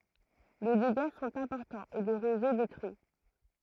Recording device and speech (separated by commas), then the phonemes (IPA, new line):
throat microphone, read sentence
le deɡa sɔ̃t ɛ̃pɔʁtɑ̃z e lə ʁezo detʁyi